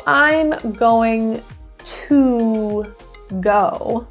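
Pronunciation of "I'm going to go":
In 'I'm going to go', the word 'to' sounds like 'ta'.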